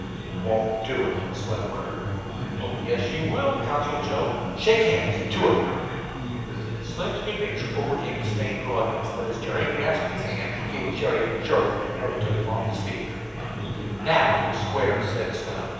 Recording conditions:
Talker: one person; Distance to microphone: 7.1 m; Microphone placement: far; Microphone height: 1.7 m; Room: very reverberant, large; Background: babble

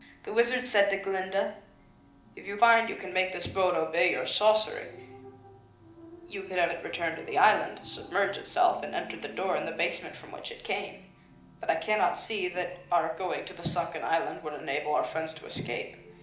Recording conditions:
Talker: one person; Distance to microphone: 2.0 m; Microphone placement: close; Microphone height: 99 cm; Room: medium-sized (5.7 m by 4.0 m); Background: television

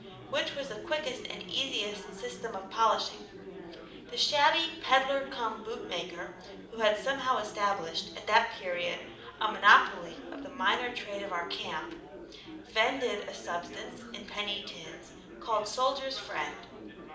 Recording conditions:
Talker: one person; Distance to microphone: 2.0 m; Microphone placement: close; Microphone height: 99 cm; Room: medium-sized (5.7 m by 4.0 m); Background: babble

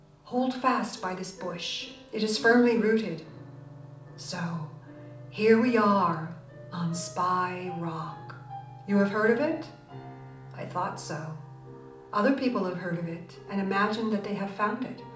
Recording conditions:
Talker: one person; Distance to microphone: 2.0 m; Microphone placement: close; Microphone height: 99 cm; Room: medium-sized (5.7 m by 4.0 m); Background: music

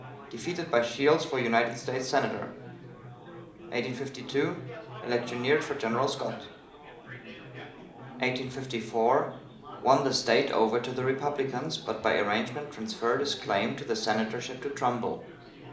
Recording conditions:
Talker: one person; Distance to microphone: 2.0 m; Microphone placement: close; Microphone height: 99 cm; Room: medium-sized (5.7 m by 4.0 m); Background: babble

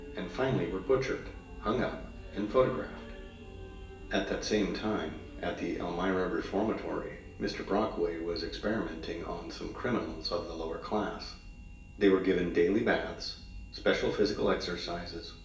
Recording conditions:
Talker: one person; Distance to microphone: 1.8 m; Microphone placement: close; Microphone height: 1.0 m; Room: large; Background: music

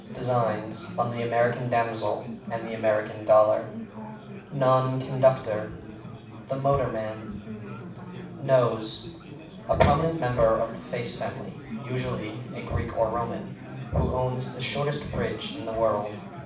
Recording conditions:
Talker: one person; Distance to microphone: 5.8 m; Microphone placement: far; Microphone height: 1.8 m; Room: medium-sized (5.7 m by 4.0 m); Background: babble

